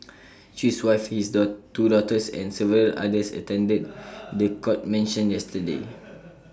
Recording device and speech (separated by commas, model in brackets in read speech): standing microphone (AKG C214), read sentence